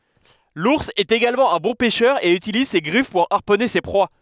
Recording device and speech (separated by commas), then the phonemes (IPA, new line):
headset microphone, read sentence
luʁs ɛt eɡalmɑ̃ œ̃ bɔ̃ pɛʃœʁ e ytiliz se ɡʁif puʁ aʁpɔne se pʁwa